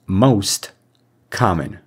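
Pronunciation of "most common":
'Most common' has its direct pronunciation here. The two words are said separately, and no sound is removed.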